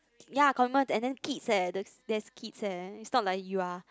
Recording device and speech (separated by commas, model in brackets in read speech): close-talking microphone, conversation in the same room